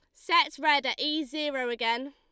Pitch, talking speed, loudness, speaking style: 285 Hz, 190 wpm, -27 LUFS, Lombard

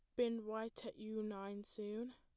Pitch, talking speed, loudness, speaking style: 220 Hz, 185 wpm, -45 LUFS, plain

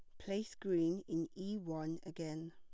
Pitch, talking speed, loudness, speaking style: 165 Hz, 155 wpm, -41 LUFS, plain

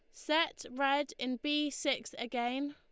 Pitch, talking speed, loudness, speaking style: 275 Hz, 145 wpm, -34 LUFS, Lombard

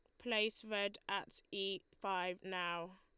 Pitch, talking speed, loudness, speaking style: 195 Hz, 130 wpm, -41 LUFS, Lombard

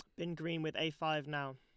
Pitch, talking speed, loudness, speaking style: 155 Hz, 265 wpm, -39 LUFS, Lombard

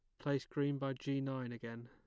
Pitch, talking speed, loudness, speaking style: 135 Hz, 215 wpm, -40 LUFS, plain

